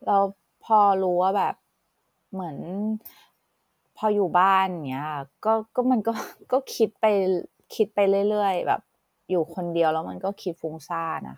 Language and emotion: Thai, frustrated